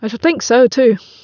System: none